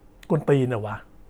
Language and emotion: Thai, angry